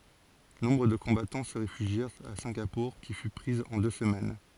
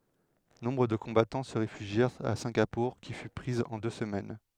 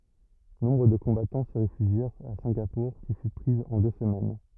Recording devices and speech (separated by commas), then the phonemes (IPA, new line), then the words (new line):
forehead accelerometer, headset microphone, rigid in-ear microphone, read sentence
nɔ̃bʁ də kɔ̃batɑ̃ sə ʁefyʒjɛʁt a sɛ̃ɡapuʁ ki fy pʁiz ɑ̃ dø səmɛn
Nombre de combattants se réfugièrent à Singapour qui fut prise en deux semaines.